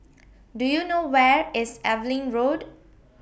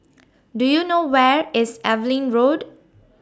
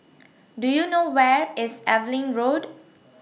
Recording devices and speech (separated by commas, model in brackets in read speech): boundary microphone (BM630), standing microphone (AKG C214), mobile phone (iPhone 6), read sentence